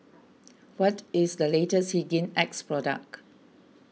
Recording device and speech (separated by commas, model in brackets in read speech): mobile phone (iPhone 6), read sentence